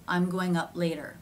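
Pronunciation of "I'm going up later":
In 'up later', the p in 'up' is not released. It goes straight into the l of 'later'.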